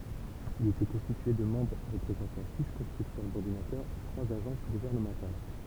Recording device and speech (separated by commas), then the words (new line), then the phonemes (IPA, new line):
temple vibration pickup, read sentence
Il était constitué de membres représentant six constructeurs d'ordinateurs et trois agences gouvernementales.
il etɛ kɔ̃stitye də mɑ̃bʁ ʁəpʁezɑ̃tɑ̃ si kɔ̃stʁyktœʁ dɔʁdinatœʁz e tʁwaz aʒɑ̃s ɡuvɛʁnəmɑ̃tal